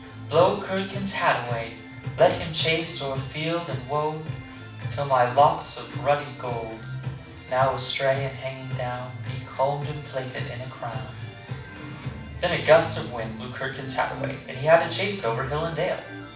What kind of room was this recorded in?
A medium-sized room (about 5.7 m by 4.0 m).